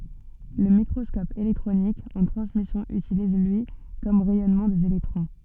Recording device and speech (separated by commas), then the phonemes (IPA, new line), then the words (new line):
soft in-ear microphone, read sentence
lə mikʁɔskɔp elɛktʁonik ɑ̃ tʁɑ̃smisjɔ̃ ytiliz lyi kɔm ʁɛjɔnmɑ̃ dez elɛktʁɔ̃
Le microscope électronique en transmission utilise, lui, comme rayonnement des électrons.